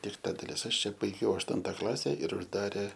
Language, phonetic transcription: Lithuanian, ir ˈta daˈlis ˈaš ˈčia baiˈgiau ašˈtunta ˈklase ir užˈdarė

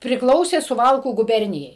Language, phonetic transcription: Lithuanian, prikˈlausė suˈvalkų guˈbernijai

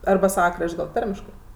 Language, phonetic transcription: Lithuanian, arba ˈsava ˈkrašt' gal ˈtarmiškɜ

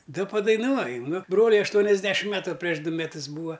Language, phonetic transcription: Lithuanian, ˈda padaiˈnuoju ˈnu ˈbroliui ašˈtuoniasˌdešim ˈmetu prieš ˈdu meˈtus ˈbūa

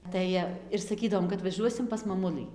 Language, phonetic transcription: Lithuanian, ˈtai ir saˈkydavom kad vaˈžuosim pas maˈmulɨ

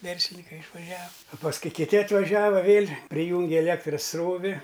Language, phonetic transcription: Lithuanian, ˈverslinikai išvaˈžiav a pasˈkui kiˈti atvaˈžiava ˈvėl' priˈjūngi eˈlėktras ˈsrovi

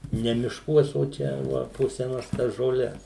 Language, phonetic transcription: Lithuanian, ˈne mišˈkuos o ˈčia va po seˈnas tas žoˈles

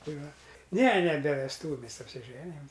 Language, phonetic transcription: Lithuanian, ˈtai ˈva ne ne be vesˈtūviu apsiˈženijam

